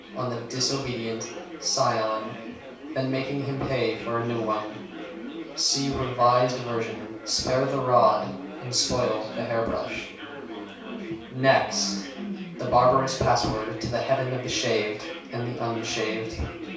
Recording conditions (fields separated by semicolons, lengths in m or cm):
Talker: one person; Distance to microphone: 3.0 m; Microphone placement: far; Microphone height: 1.8 m; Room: small (3.7 m by 2.7 m); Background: babble